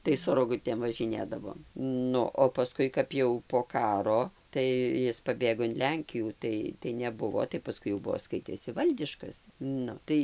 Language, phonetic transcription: Lithuanian, tai su roˈgutėm važiˈnėdavom ˈnu o paˈskui kap jau po ˈkaro tai ˈjis paˈbėgo in ˈlenkijų ˈtai tai neˈbuvo tai paˈskui jau ˈbuo ˈskaitėsi ˈvaldiškas ˈnu tai

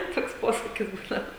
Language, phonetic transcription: Lithuanian, ˈtoks ˈposakis ˈbūdava

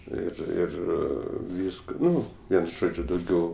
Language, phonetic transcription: Lithuanian, ˈir ˈir ˈvyska ˈnu ˈvien ˈžodžiu dauˈgiau

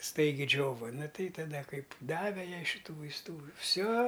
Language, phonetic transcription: Lithuanian, ˈstaigi ˈdžiova ˈnu ˈtai taˈda ˈkaip ˈdave ˈjai šiˈtų vaisˈtų ˈfsio

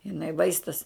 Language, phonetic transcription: Lithuanian, jiˈnai ˈvaistas

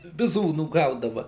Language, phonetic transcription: Lithuanian, biˈzūnų ˈgaudava

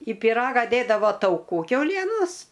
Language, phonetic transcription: Lithuanian, i piˈraga ˈdėdavo tauˈkų kiauˈlienos

